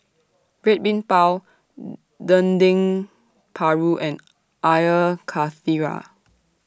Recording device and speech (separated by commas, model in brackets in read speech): standing microphone (AKG C214), read sentence